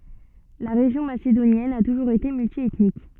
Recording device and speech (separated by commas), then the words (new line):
soft in-ear microphone, read sentence
La région macédonienne a toujours été multiethnique.